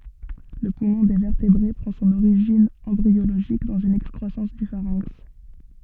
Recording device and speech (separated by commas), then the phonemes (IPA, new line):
soft in-ear microphone, read sentence
lə pumɔ̃ de vɛʁtebʁe pʁɑ̃ sɔ̃n oʁiʒin ɑ̃bʁioloʒik dɑ̃z yn ɛkskʁwasɑ̃s dy faʁɛ̃ks